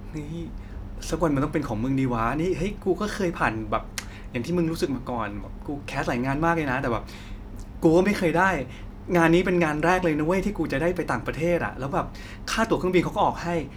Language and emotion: Thai, happy